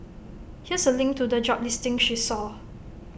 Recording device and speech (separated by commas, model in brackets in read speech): boundary microphone (BM630), read sentence